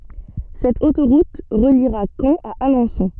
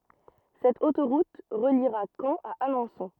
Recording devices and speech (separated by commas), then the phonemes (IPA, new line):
soft in-ear microphone, rigid in-ear microphone, read sentence
sɛt otoʁut ʁəliʁa kɑ̃ a alɑ̃sɔ̃